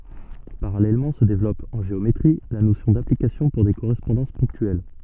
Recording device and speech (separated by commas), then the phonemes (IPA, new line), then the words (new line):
soft in-ear microphone, read sentence
paʁalɛlmɑ̃ sə devlɔp ɑ̃ ʒeometʁi la nosjɔ̃ daplikasjɔ̃ puʁ de koʁɛspɔ̃dɑ̃s pɔ̃ktyɛl
Parallèlement se développe, en géométrie, la notion d'application pour des correspondances ponctuelles.